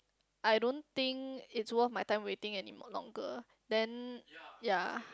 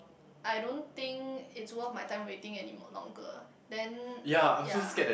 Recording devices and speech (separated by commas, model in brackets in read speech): close-talking microphone, boundary microphone, conversation in the same room